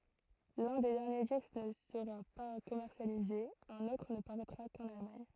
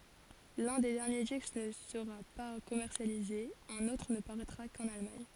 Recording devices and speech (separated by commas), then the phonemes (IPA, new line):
throat microphone, forehead accelerometer, read sentence
lœ̃ de dɛʁnje disk nə səʁa pa kɔmɛʁsjalize œ̃n otʁ nə paʁɛtʁa kɑ̃n almaɲ